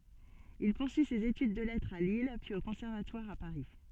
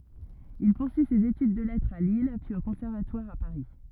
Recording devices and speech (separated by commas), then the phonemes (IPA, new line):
soft in-ear microphone, rigid in-ear microphone, read sentence
il puʁsyi sez etyd də lɛtʁz a lil pyiz o kɔ̃sɛʁvatwaʁ a paʁi